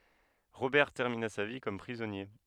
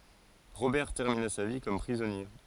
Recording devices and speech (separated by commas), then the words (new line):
headset microphone, forehead accelerometer, read sentence
Robert termina sa vie comme prisonnier.